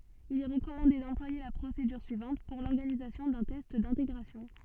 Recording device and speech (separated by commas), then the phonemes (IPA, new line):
soft in-ear microphone, read sentence
il ɛ ʁəkɔmɑ̃de dɑ̃plwaje la pʁosedyʁ syivɑ̃t puʁ lɔʁɡanizasjɔ̃ dœ̃ tɛst dɛ̃teɡʁasjɔ̃